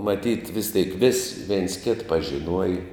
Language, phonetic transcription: Lithuanian, maˈtyt vis tėik vis veins kėt pažiˈnuoja

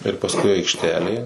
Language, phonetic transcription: Lithuanian, ir pasˈkui aikšˈtelė

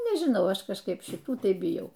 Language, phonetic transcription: Lithuanian, nežiˈnau ˈaš kažˈkaip šiˈtų ˈtai biˈjau

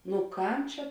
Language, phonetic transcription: Lithuanian, nu ˈkam ˈčia

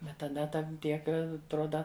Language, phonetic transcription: Lithuanian, ˈbet taˈda ˈtan ˈtiek atˈroda

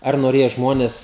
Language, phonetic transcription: Lithuanian, ˈar noˈrėja ˈžmones

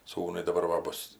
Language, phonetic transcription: Lithuanian, ˈsūnui daˈbar va ˈbus

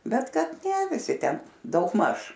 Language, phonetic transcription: Lithuanian, ˈbet ˈkad ne viˈsi ˈten daugˈmaž

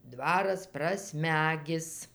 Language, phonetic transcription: Lithuanian, ˈdvaras praˈsmegis

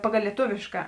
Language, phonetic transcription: Lithuanian, paˈgal lieˈtuvėška

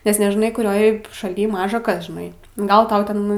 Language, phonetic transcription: Lithuanian, nes nežiˈnai kuˈrioj šaˈly ˈmaža ˈkas žiˈnai ˈgal ˈtau ˈten

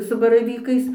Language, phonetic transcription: Lithuanian, su baraˈvykais

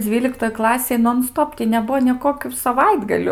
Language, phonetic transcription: Lithuanian, ˈdzvyliktoj ˈklasėj non ˈstop tį neˈbuo nė ˈkokių saˈvaitgaliu

